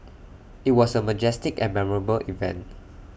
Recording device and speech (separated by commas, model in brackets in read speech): boundary microphone (BM630), read sentence